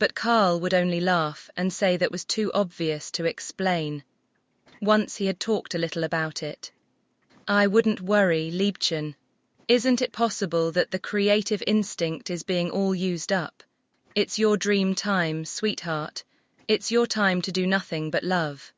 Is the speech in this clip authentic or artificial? artificial